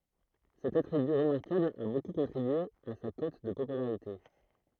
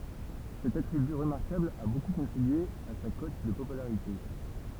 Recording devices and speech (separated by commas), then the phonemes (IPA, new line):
throat microphone, temple vibration pickup, read sentence
sɛt atʁiby ʁəmaʁkabl a boku kɔ̃tʁibye a sa kɔt də popylaʁite